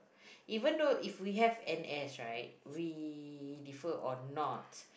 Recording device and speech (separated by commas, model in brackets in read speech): boundary microphone, conversation in the same room